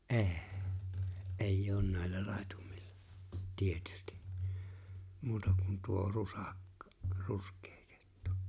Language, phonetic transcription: Finnish, ’e̬e̬ᴇ̬ , '’eij'j ‿oon 'nä̀ellä 'làetumɪʟʟᴀ , 'tietʏstɪ , 'muuta kun tuo 'rusàk- , "rusk̀̀ᴇᴇ 'kᴇttᴜ .
- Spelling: ei ei ole näillä laitumilla tietysti muuta kuin tuo - ruskea kettu

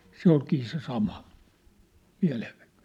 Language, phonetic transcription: Finnish, se ‿olkii se sama , miä̭levvɪkᴀ(ɴᴇ) .
- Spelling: se olikin se sama mielenvikainen

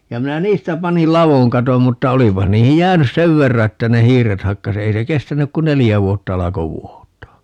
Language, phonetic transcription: Finnish, ja 'minä "niistä 'panil "lavoŋ 'katom 'mutta "olipah 'niihij "jäänys "sev 'verra 'että ne "hiiret 'hakka's ‿ei se 'kestänyk ku "nelijä 'vuotta - 'alako "vuot̀aa .
- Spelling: ja minä niistä panin ladon katon mutta olipa niihin jäänyt sen verran että ne hiiret hakkasi ei se kestänyt kuin neljä vuotta alkoi vuotaa

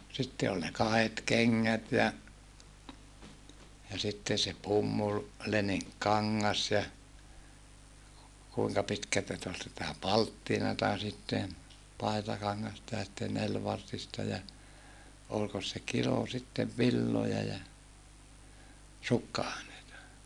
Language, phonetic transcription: Finnish, sitte oĺ ne kahet keŋŋät ja , ja sitten̬ se pummul- , -leniŋkkaŋŋas ja , kuiŋka pitkältä sⁱt ‿ol sitä palttinata sitten , pai̮takaŋŋasta ja sitten nelvartista ja , olkos se kilo sittev villoja ja , sukka₍àeneita .
- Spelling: sitten oli ne kahdet kengät ja ja sitten se - leninkikangas ja kuinka pitkältä sitä oli sitä palttinaa sitten paitakangasta ja sitten nelivartista ja olikos se kilo sitten villoja ja sukka-aineita

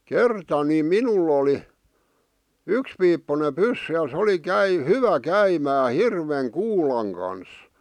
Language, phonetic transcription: Finnish, kerta ni "minul ‿oli , "ykspiippune "pyssy ja sᵉ oli 'käi- , "hyvä 'käimää "hirveŋ "kuulaŋ kans .
- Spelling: kerta niin minulla oli yksipiippuinen pyssy ja se oli - hyvä käymään hirven kuulan kanssa

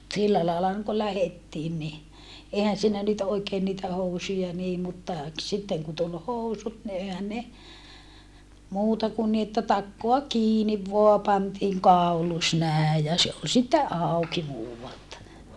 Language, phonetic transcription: Finnish, sillä laela (oŋ) ko lähettiin ni , èihän siinä nyt oikeen niitä housuja nii mutta , k - sitteŋ ku tul housut ni ehän ne , muuta kun ni että takkoa kiiniv voa pantiiŋ kàulus nä̀e ja se ol sitte ʼàuki muuvalta .
- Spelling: sillä lailla on kun lähdettiin niin eihän siinä nyt oikein niitä housuja niin mutta - sitten kun tuli housut niin eihän ne muuta kun niin että takaa kiinni vain pantiin kaulus näin ja se oli sitten auki muualta

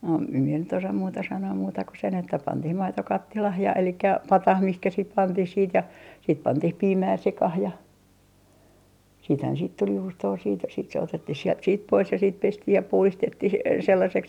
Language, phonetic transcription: Finnish, no em mie nyt ‿osam 'muuta 'sanoo muuta ku sen että 'pantih 'maito 'kattilah ja elikkä "patah mihkä sit 'pantih siit ja , siit 'pantih "piimää 'sekah ja , siithän siit tul 'juustoo siit , sit se 'otettih siɛlt siit 'pois ja siit 'pestih ja 'puhlistettih 'sellaseks .
- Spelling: no en minä nyt osaa muuta sanoa muuta kuin sen että pantiin maito kattilaan ja eli pataan mihin sitten pantiin siitä ja siitä pantiin piimää sekaan ja siitähän siitä tuli juustoa siitä sitten se otettiin sieltä siitä pois ja sitten pestiin ja puhdistettiin sellaiseksi

